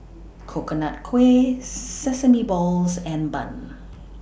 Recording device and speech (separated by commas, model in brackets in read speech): boundary microphone (BM630), read sentence